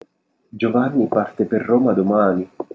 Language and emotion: Italian, sad